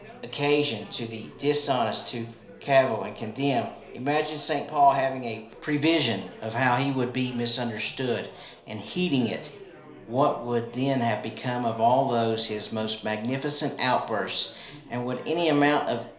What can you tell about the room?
A compact room (about 3.7 m by 2.7 m).